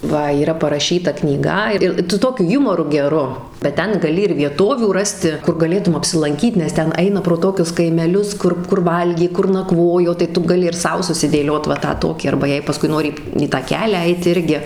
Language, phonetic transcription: Lithuanian, ˈva yˈra paraˈšyta knyˈga ˈir su ˈtokiu ˈjumoru geˈru bet ˈten gaˈli ir vieˈtovių ˈrasti ˈkur gaˈlėtum apsilanˈkyt nes ˈten ˈaina pro ˈtokius kaimeˈlius ˈkur kur ˈvalgė ˈkur naˈkvojo tai ˈtu gaˈli ir ˈsau susidėˈliot va ˈtą ˈtokį arba ˈjei paˈskui ˈnori į tą ˈkelią ˈeit ˈirgi

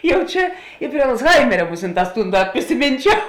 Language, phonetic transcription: Lithuanian, ˈjau ˈčia i prie alcˈhaimeria ˈmusinˌtās ˈtūn ˈdat prisiˈmynčiau

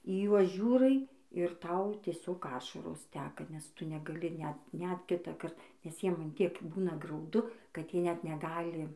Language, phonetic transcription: Lithuanian, į ˈjuos ˈžiūrai ir ˈtau tieˈsiog ˈašaros ˈteka nes ˈtu negaˈli ˈnet net ˈkitąkart nes ˈjiem an ˈtiek ˈbūna grauˈdu kad ˈjie ˈnet neˈgali

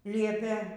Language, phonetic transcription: Lithuanian, ˈliepė

